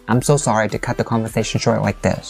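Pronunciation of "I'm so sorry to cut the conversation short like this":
The intonation drops all through the sentence and is falling the whole way, which gives it a tone that sounds a little remorseful.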